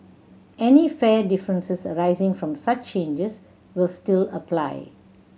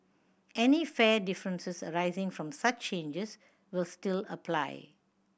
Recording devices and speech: mobile phone (Samsung C7100), boundary microphone (BM630), read sentence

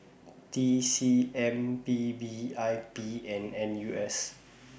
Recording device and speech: boundary microphone (BM630), read sentence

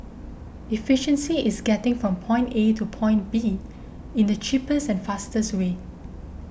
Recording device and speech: boundary microphone (BM630), read sentence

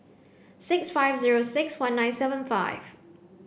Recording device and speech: boundary microphone (BM630), read sentence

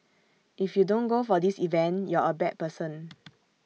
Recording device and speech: mobile phone (iPhone 6), read sentence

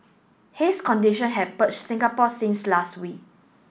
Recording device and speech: boundary microphone (BM630), read sentence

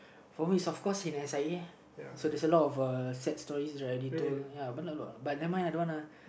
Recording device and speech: boundary microphone, conversation in the same room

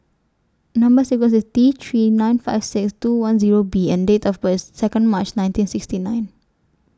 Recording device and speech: standing microphone (AKG C214), read sentence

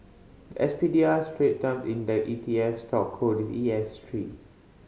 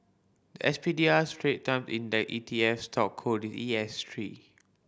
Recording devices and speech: mobile phone (Samsung C5010), boundary microphone (BM630), read sentence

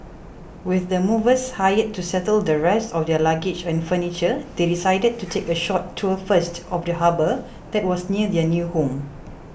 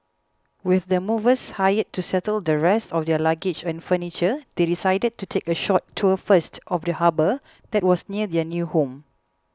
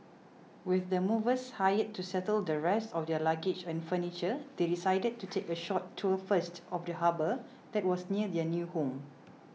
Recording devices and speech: boundary microphone (BM630), close-talking microphone (WH20), mobile phone (iPhone 6), read sentence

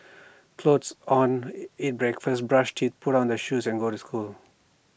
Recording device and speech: boundary microphone (BM630), read sentence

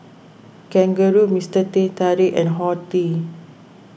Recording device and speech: boundary microphone (BM630), read sentence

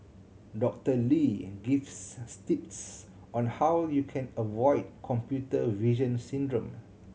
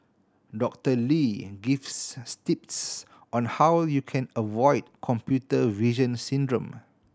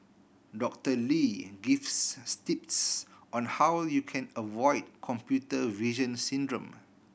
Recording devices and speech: mobile phone (Samsung C7100), standing microphone (AKG C214), boundary microphone (BM630), read sentence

